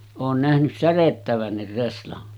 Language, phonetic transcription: Finnish, oon nähnys 'särettävännir reslan .
- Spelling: olen nähnyt särjettävänkin reslan

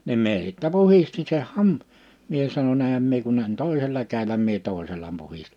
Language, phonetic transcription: Finnish, nim 'mie sittä 'puhisti se 'nam- , 'mie sano'ń‿ » ehäm mie kun ‿eŋ 'tòisela käil̆läm « mie 'tòisela 'puhist(i) .
- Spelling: niin minä sitten puhdistin sen - minä sanoin enhän minä kun en toisella kädelläni minä toisella puhdistin

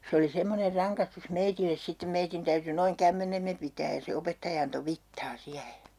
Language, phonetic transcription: Finnish, 'se oli 'semmoner 'raŋkastus "meitilles 'sittem 'meitin täyty noiŋ 'kämmenemme pitääj ja se 'opettaja anto 'vittaa 'siähe .
- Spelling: se oli semmoinen rangaistus meille sitten meidän täytyi noin kämmenemme pitää ja se opettaja antoi vitsaa siihen

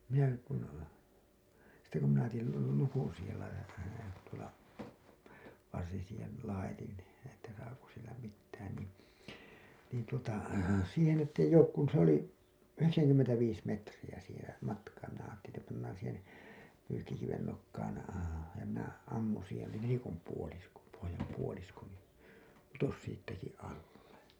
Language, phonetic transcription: Finnish, minäki kun , sitte kun tejil lukun siihel laitat(in) tuola , varsin siihen̬ , 'laitin , että saako sillä mittään niin̬ , niin tuota , siihen ett ‿eij̆j ‿ook kun , se ‿oli , "yheksäŋkymmentäviis 'metriʲä siiheḛ , 'matkaa minä aattelin ‿että pannaan̬ , siihen̬ , 'pyykkikiven nokkaan , ja minä 'ammuṵ siihen ni nelikom puolisko , pohojam puolisko nii , 'putos 'siittäki alle .
- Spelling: minäkin kun sitten kun tein lukon siihen laitatin tuolla varsin siihen laitoin että saako sillä mitään niin niin tuota siihen että ei ole kun se oli yhdeksänkymmentäviisi metriä siihen matkaa minä ajattelin että pannaan siihen pyykkikiven nokkaan ja minä ammun siihen niin nelikon puolisko pohjan puolisko niin putosi siitäkin alle

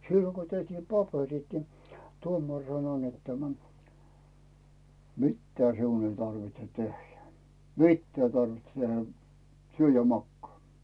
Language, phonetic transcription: Finnish, 'silloŋ Go tehtiim "paperit ni , 'tuomar sano net tämä , » "mitta siun ‿ei tarvitse 'tehjä , "mittää ‿ⁱ tarvitse 'tehä , 'syö ja "makkaa « .
- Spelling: silloin kun tehtiin paperit niin tuomari sanoi että tämä mitään sinun ei tarvitse tehdä mitään ei tarvitse tehdä syö ja makaa

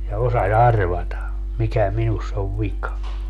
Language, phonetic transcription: Finnish, ja 'osa"s ‿arvata , 'mikä 'minuss ‿ov "vika .
- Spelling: ja osasi arvata mikä minussa on vika

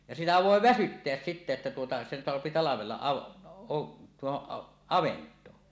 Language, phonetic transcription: Finnish, ja 'sitä vòe "väsytteäs sittä että tuota , sen soapi talavella av- , o- , 'tuohoˀ "avent̀oo .
- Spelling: ja sitä voi väsyttää sitten että tuota sen saa talvella - - tuohon avantoon

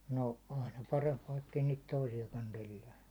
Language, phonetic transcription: Finnish, no 'aina 'paremp vaikkei niit 'toisijakan tellää .
- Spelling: no aina parempi vaikka ei niitä toisiakaan tellää

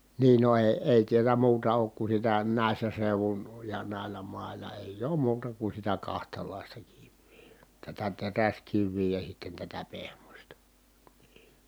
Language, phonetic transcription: Finnish, nii no èi̮ , èi tiälä muuta ook ku sitä nä̀i̮ssä seuvun , ja nä̀i̮llä mài̮la èij ‿oom muuta ku sitä kahtalàista kivvII , tätä teräskivvii ja sitten tätä pehmośta NII .
- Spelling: niin no ei ei täällä muuta ole kuin sitä näissä seuduin ja näillä mailla ei ole muuta kuin sitä kahtalaista kiveä tätä teräskiveä ja sitten tätä pehmoista niin

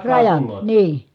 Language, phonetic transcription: Finnish, rajan , nii .
- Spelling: rajan niin

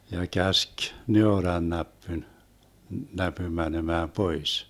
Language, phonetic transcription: Finnish, ja 'käsk , 'neorannäppyn , 'näpym 'mänemää "pois .
- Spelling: ja käski neurannäpyn näpyn menemään pois

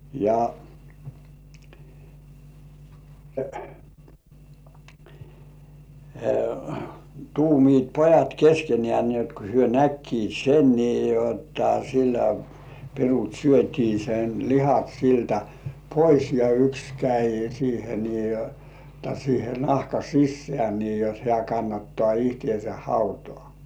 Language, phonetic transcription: Finnish, ja , 'tuumiit "pojat 'keskenĕ§ä̀ ni ‿ot ko hyö "näkkiit 'sen nii jotta sillä , 'pirut "syöt́ii sen lihat siltä 'pois ja "yks käi siihe nii jotta siihe "nahka 'sissĕä̀ nii jot 'hĕä̀ kannattŏà ihtĭèse "hautŏà .
- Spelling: ja tuumivat pojat keskenään niin jotta kun he näkivät sen niin jotta sillä pirut syötiin sen lihat siltä pois ja yksi kävi siihen niin jotta siihen nahan sisään niin jotta hän kannattaa itsensä hautaan

